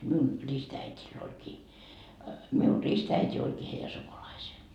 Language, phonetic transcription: Finnish, miun , 'ristäitil oĺkii , miun "ristäit́i 'olkii heijä 'sukulaisee .
- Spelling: minun ristiäidillä olikin minun ristiäiti olikin heidän sukulaisensa

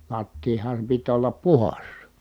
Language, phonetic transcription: Finnish, lattiiham pit ollap puhas .
- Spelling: lattian piti olla puhdas

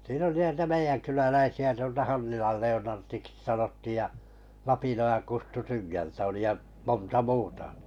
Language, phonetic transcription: Finnish, siin ‿oli 'nitä "meijänkyläläisi₍ä tuolta 'Hannilal 'Le₍onartiksⁱ sanottìj ja , 'Lapinojan 'Kustu 'Tyngältä oli ja , 'monta "muuta .
- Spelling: siinä oli niitä meidänkyläläisiä tuolta Hannilan Leonardiksi sanottiin ja Lapinojan Kustu Tyngältä oli ja monta muuta

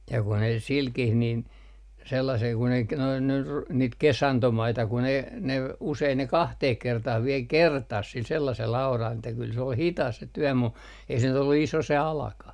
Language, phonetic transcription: Finnish, ja ku ne 'silkih nin , sellasel kun ‿ei ‿k - noin nyr- , niit "kesantomaita kun ‿ei , ne , usein ne 'kahteh 'kertah viel "kertas sil sellasel aural että kyl se ol "hitas se tyɔ̈̀ mu , ei se nyt ‿ollu "iso se 'alakah .
- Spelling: ja kun ne silläkin niin sellaisella kun ei - noin - niitä kesantomaita kun ei ne usein ne kahteen kertaan vielä kertasi sillä sellaisella auralla että kyllä se oli hidas se työ mutta ei se nyt ollut iso se alakaan

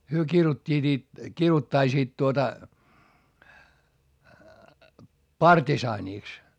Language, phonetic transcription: Finnish, hyö kirut́t́iit ‿it- , kiruttaisiit tuota , partisaanìks .
- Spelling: he kiiruhtivat - kiiruhtaisivat tuota partisaaniksi

